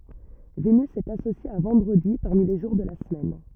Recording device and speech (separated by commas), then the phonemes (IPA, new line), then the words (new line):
rigid in-ear microphone, read sentence
venys ɛt asosje a vɑ̃dʁədi paʁmi le ʒuʁ də la səmɛn
Vénus est associée à vendredi parmi les jours de la semaine.